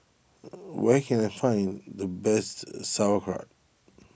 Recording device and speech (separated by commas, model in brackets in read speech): boundary microphone (BM630), read sentence